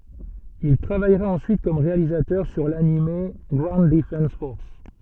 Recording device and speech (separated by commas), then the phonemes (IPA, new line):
soft in-ear microphone, read sentence
il tʁavajʁa ɑ̃syit kɔm ʁealizatœʁ syʁ lanim ɡwaund dəfɑ̃s fɔʁs